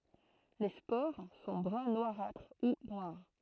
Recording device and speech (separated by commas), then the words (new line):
throat microphone, read sentence
Les spores sont brun noirâtre ou noires.